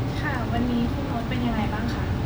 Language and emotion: Thai, neutral